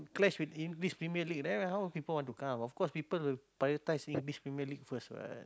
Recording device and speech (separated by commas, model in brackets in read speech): close-talking microphone, conversation in the same room